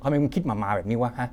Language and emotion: Thai, frustrated